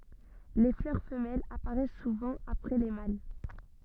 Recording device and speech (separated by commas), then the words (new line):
soft in-ear microphone, read sentence
Les fleurs femelles apparaissent souvent après les mâles.